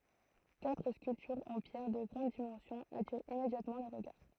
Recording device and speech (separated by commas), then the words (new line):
throat microphone, read sentence
Quatre sculptures en pierre de grandes dimensions attirent immédiatement le regard.